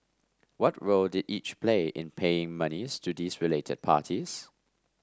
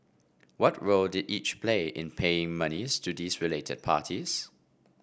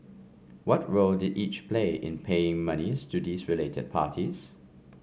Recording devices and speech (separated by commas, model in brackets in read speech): standing microphone (AKG C214), boundary microphone (BM630), mobile phone (Samsung C5), read sentence